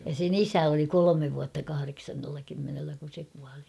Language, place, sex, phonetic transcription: Finnish, Kauhava, female, ja sen ‿"isä oli "kolomev vuatta 'kahareksannella kymmenellä kun̬ se kuali .
- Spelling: ja sen isä oli kolme vuotta kahdeksannella kymmenellä kun se kuoli

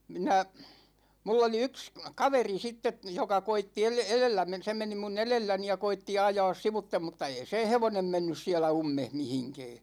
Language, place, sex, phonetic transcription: Finnish, Ikaalinen, male, 'minä , 'mull ‿oli 'yks , 'kaveri sitte , 'joka 'koitti el- , 'elellä men- , 'se meni 'mu"n ‿elelläni ja 'koitti 'ajaas 'sivuttem mutta ei seḛ "hevonem 'mennys 'siälä "ummeh 'mihiŋkɛɛ .
- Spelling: minä minulla oli yksi kaveri sitten joka koetti - edellä - se meni minun edelläni ja koetti ajaa sivuitse mutta ei sen hevonen mennyt siellä ummessa mihinkään

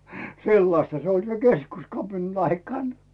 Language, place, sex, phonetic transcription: Finnish, Rautu, male, 'sellasta se oĺ 'se "keskuskapinan aikàn .
- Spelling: sellaista se oli sen keskuskapinan aikana

